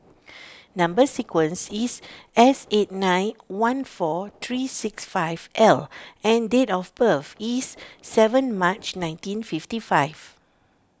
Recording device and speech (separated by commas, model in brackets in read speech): standing microphone (AKG C214), read sentence